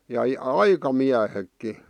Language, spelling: Finnish, ja aikamiehetkin
- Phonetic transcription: ja , "aikamiähekki .

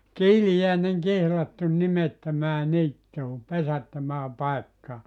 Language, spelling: Finnish, kiiliäinen kihlattu nimettömään niittyyn pesättömään paikkaan
- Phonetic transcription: » "kiilijä̀enen 'kihlattun "nimettömää 'niittuu , 'pesättömää 'paekkaa .

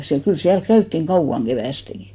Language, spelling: Finnish, siellä kyllä siellä käytiin kauan keväästikin
- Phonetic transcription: 'siäl , 'kyl 'siälk 'käyttiŋ "kauʷaŋ 'ɢevä̀steŋɢi .

